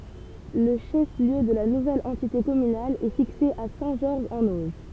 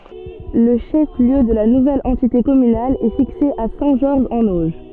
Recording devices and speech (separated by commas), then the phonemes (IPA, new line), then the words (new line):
temple vibration pickup, soft in-ear microphone, read sentence
lə ʃɛf ljø də la nuvɛl ɑ̃tite kɔmynal ɛ fikse a sɛ̃ ʒɔʁʒ ɑ̃n oʒ
Le chef-lieu de la nouvelle entité communale est fixé à Saint-Georges-en-Auge.